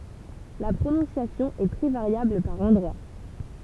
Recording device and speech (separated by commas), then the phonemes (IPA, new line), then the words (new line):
temple vibration pickup, read sentence
la pʁonɔ̃sjasjɔ̃ ɛ tʁɛ vaʁjabl paʁ ɑ̃dʁwa
La prononciation est très variable par endroits.